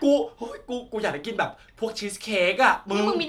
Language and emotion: Thai, happy